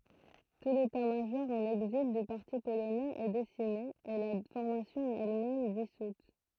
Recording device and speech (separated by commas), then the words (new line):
throat microphone, read sentence
Tout l'état-major en exil du parti polonais est décimé, et la formation elle-même dissoute.